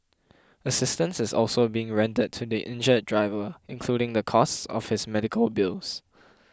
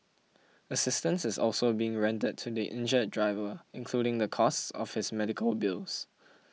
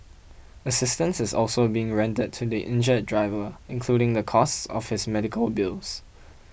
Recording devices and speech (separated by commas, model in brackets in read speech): close-talking microphone (WH20), mobile phone (iPhone 6), boundary microphone (BM630), read sentence